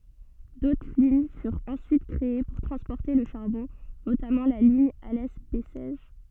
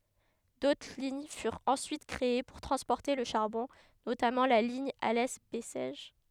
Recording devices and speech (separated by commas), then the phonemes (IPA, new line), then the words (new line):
soft in-ear microphone, headset microphone, read sentence
dotʁ liɲ fyʁt ɑ̃syit kʁee puʁ tʁɑ̃spɔʁte lə ʃaʁbɔ̃ notamɑ̃ la liɲ alɛ bɛsɛʒ
D'autres lignes furent ensuite créées pour transporter le charbon, notamment la ligne Alès-Bessèges.